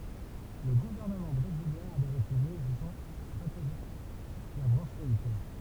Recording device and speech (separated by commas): temple vibration pickup, read sentence